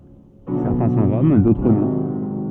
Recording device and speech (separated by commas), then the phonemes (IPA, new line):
soft in-ear microphone, read sentence
sɛʁtɛ̃ sɔ̃ ʁɔm dotʁ nɔ̃